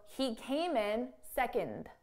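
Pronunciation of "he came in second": At the end of the sentence, the final d in 'second' is pronounced, heard after the n.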